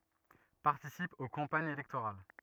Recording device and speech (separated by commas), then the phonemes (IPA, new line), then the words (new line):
rigid in-ear microphone, read sentence
paʁtisip o kɑ̃paɲz elɛktoʁal
Participe aux campagnes électorales.